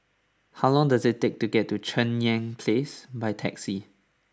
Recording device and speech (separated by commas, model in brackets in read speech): standing microphone (AKG C214), read sentence